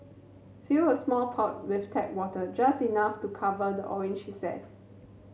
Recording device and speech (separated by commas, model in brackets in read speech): mobile phone (Samsung C7100), read sentence